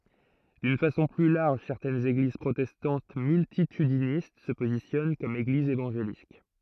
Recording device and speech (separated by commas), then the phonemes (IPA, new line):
throat microphone, read sentence
dyn fasɔ̃ ply laʁʒ sɛʁtɛnz eɡliz pʁotɛstɑ̃t myltitydinist sə pozisjɔn kɔm eɡlizz evɑ̃ʒelik